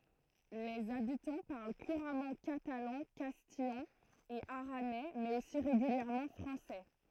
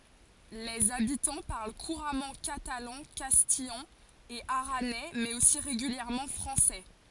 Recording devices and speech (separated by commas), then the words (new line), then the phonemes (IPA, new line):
throat microphone, forehead accelerometer, read sentence
Les habitants parlent couramment catalan, castillan et aranais, mais aussi régulièrement français.
lez abitɑ̃ paʁl kuʁamɑ̃ katalɑ̃ kastijɑ̃ e aʁanɛ mɛz osi ʁeɡyljɛʁmɑ̃ fʁɑ̃sɛ